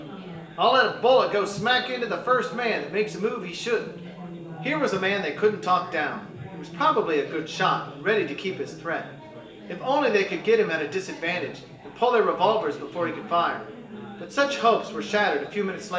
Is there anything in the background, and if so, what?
Crowd babble.